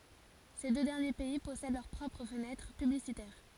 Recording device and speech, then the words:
forehead accelerometer, read sentence
Ces deux derniers pays possèdent leurs propres fenêtres publicitaires.

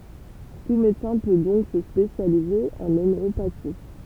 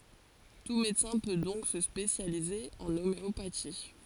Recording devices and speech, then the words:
temple vibration pickup, forehead accelerometer, read sentence
Tout médecin peut donc se spécialiser en homéopathie.

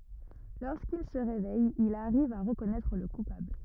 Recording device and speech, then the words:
rigid in-ear microphone, read sentence
Lorsqu'il se réveille, il arrive à reconnaître le coupable.

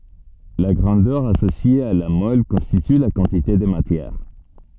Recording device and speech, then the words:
soft in-ear microphone, read sentence
La grandeur associée à la mole constitue la quantité de matière.

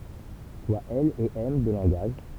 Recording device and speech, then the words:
temple vibration pickup, read sentence
Soit L et M deux langages.

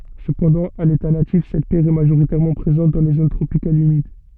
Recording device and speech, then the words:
soft in-ear microphone, read sentence
Cependant, à l'état natif, cette pierre est majoritairement présente dans les zones tropicales humides.

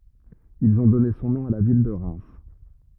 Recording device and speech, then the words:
rigid in-ear microphone, read sentence
Ils ont donné son nom à la ville de Reims.

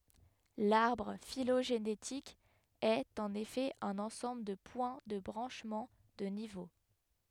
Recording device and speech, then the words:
headset microphone, read sentence
L'arbre phylogénétique est, en effet, un ensemble de points de branchements, de niveaux.

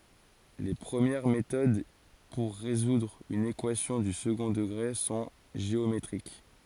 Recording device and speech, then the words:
forehead accelerometer, read sentence
Les premières méthodes pour résoudre une équation du second degré sont géométriques.

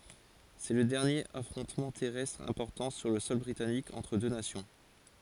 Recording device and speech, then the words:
forehead accelerometer, read sentence
C’est le dernier affrontement terrestre important sur le sol britannique entre deux nations.

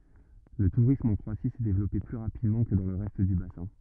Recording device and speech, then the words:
rigid in-ear microphone, read sentence
Le tourisme en Croatie s'est développé plus rapidement que dans le reste du bassin.

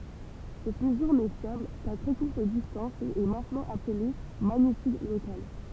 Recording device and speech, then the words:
temple vibration pickup, read sentence
Cette mesure n'est fiable qu'à très courte distance et est maintenant appelée magnitude locale.

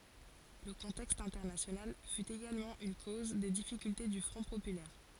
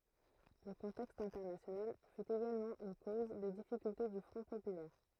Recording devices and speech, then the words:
forehead accelerometer, throat microphone, read sentence
Le contexte international fut également une cause des difficultés du Front populaire.

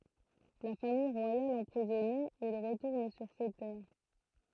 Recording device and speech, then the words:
throat microphone, read sentence
La Famille royale emprisonnée, il retourne sur ses terres.

